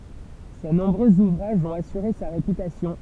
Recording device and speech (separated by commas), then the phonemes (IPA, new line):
temple vibration pickup, read sentence
se nɔ̃bʁøz uvʁaʒz ɔ̃t asyʁe sa ʁepytasjɔ̃